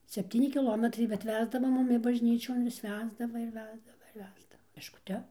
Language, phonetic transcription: Lithuanian, sepˈtyni kiˈlometrai bet ˈvesdava ˈmumi bažˈnyčion vis ˈvesdava ir ˈvesdava ir ˈvesdava peškuˈte

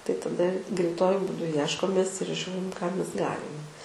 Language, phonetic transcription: Lithuanian, tai taˈda greiˈtuoju būˈdu ˈjieškomės ir ˈžiūrim ką ˈmes ˈgalim

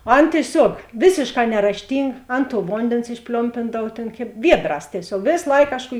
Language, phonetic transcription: Lithuanian, o ˈan tieˈsiuog ˈvėsėšˌkā nerašˈtynga ˈan tuo ˈvondėns išˈpliompindav tėn kėb ˈviedˌrās tieˈsiog ˈvės ˈlaik ˈkažˌkų

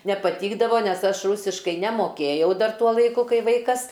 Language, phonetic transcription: Lithuanian, nepaˈtykdavo ˈnes ˈaš ˈrūsiškai nemoˈkėjau ˈdar ˈtuo laiˈku ˈkai ˈvaikas

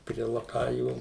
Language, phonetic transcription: Lithuanian, prie laˈkajų

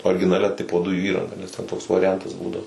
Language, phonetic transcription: Lithuanian, orginaˈlia ˈtipo ˈdujų ˈįranga nes ˈten toks variˈjantas ˈbūdavo

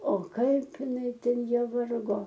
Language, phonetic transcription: Lithuanian, o ˈkaip iˈnai ˈten ˈjie ˈvargo

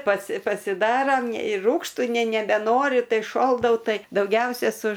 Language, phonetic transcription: Lithuanian, pasi pasiˈdaram ir ˈrūgštu ne nebeˈnoriu ˈtai šoldau ˈtai dauˈgiausia su

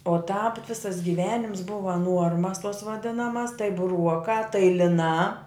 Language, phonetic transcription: Lithuanian, o tāp ˈvisas giˈvenims ˈbuva ˈnuormas tos vaˈdinamas tai buˈruokā tai liˈnā

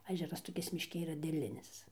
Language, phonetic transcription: Lithuanian, aˈžeras toˈkis mišˈki yˈra dėˈlinis

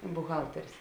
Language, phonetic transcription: Lithuanian, buˈhalterės

